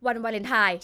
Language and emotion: Thai, angry